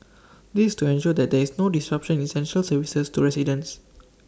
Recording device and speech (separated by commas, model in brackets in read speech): standing microphone (AKG C214), read sentence